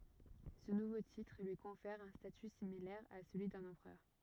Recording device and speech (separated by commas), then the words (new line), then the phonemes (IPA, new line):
rigid in-ear microphone, read sentence
Ce nouveau titre lui confère un statut similaire à celui d'un empereur.
sə nuvo titʁ lyi kɔ̃fɛʁ œ̃ staty similɛʁ a səlyi dœ̃n ɑ̃pʁœʁ